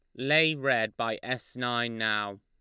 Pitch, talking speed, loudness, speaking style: 120 Hz, 165 wpm, -28 LUFS, Lombard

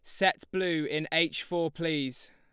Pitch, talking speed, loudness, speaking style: 165 Hz, 170 wpm, -30 LUFS, Lombard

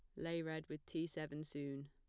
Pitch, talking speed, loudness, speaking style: 155 Hz, 215 wpm, -46 LUFS, plain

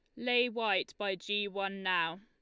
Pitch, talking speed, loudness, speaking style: 200 Hz, 180 wpm, -33 LUFS, Lombard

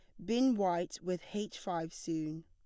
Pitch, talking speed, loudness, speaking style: 180 Hz, 165 wpm, -36 LUFS, plain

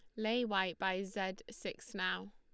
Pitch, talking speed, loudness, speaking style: 190 Hz, 170 wpm, -38 LUFS, Lombard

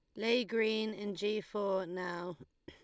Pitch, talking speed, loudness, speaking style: 205 Hz, 165 wpm, -35 LUFS, Lombard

